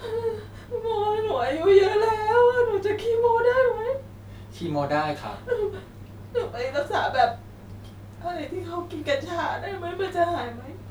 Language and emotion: Thai, sad